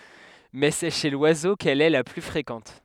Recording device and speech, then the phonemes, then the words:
headset microphone, read sentence
mɛ sɛ ʃe lwazo kɛl ɛ la ply fʁekɑ̃t
Mais c'est chez l'oiseau qu'elle est la plus fréquente.

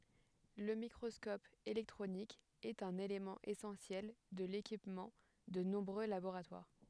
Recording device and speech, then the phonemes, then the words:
headset microphone, read sentence
lə mikʁɔskɔp elɛktʁonik ɛt œ̃n elemɑ̃ esɑ̃sjɛl də lekipmɑ̃ də nɔ̃bʁø laboʁatwaʁ
Le microscope électronique est un élément essentiel de l'équipement de nombreux laboratoires.

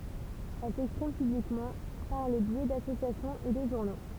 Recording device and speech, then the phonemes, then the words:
temple vibration pickup, read sentence
ɛl sɛkspʁim pyblikmɑ̃ paʁ lə bjɛ dasosjasjɔ̃z e də ʒuʁno
Elles s'expriment publiquement par le biais d’associations et de journaux.

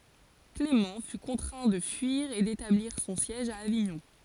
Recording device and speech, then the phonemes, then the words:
forehead accelerometer, read sentence
klemɑ̃ fy kɔ̃tʁɛ̃ də fyiʁ e detabliʁ sɔ̃ sjɛʒ a aviɲɔ̃
Clément fut contraint de fuir et d'établir son siège à Avignon.

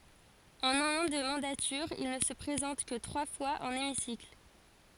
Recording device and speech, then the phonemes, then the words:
forehead accelerometer, read sentence
ɑ̃n œ̃n ɑ̃ də mɑ̃datyʁ il nə sə pʁezɑ̃t kə tʁwa fwaz ɑ̃n emisikl
En un an de mandature, il ne se présente que trois fois en hémicycle.

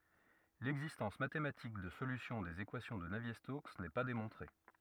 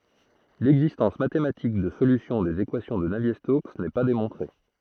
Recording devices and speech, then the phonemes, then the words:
rigid in-ear microphone, throat microphone, read sentence
lɛɡzistɑ̃s matematik də solysjɔ̃ dez ekwasjɔ̃ də navje stoks nɛ pa demɔ̃tʁe
L'existence mathématique de solutions des équations de Navier-Stokes n'est pas démontrée.

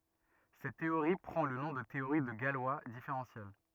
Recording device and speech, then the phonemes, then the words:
rigid in-ear microphone, read sentence
sɛt teoʁi pʁɑ̃ lə nɔ̃ də teoʁi də ɡalwa difeʁɑ̃sjɛl
Cette théorie prend le nom de théorie de Galois différentielle.

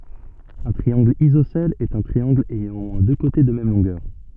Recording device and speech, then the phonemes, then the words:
soft in-ear microphone, read sentence
œ̃ tʁiɑ̃ɡl izosɛl ɛt œ̃ tʁiɑ̃ɡl ɛjɑ̃ o mwɛ̃ dø kote də mɛm lɔ̃ɡœʁ
Un triangle isocèle est un triangle ayant au moins deux côtés de même longueur.

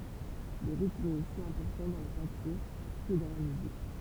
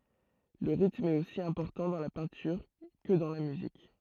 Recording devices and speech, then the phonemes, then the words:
temple vibration pickup, throat microphone, read sentence
lə ʁitm ɛt osi ɛ̃pɔʁtɑ̃ dɑ̃ la pɛ̃tyʁ kə dɑ̃ la myzik
Le rythme est aussi important dans la peinture que dans la musique.

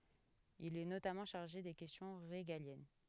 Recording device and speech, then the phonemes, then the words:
headset microphone, read sentence
il ɛ notamɑ̃ ʃaʁʒe de kɛstjɔ̃ ʁeɡaljɛn
Il est notamment chargé des questions régaliennes.

